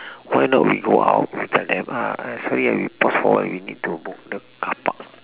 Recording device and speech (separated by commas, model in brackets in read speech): telephone, conversation in separate rooms